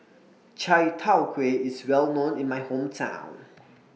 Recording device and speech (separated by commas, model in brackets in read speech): mobile phone (iPhone 6), read sentence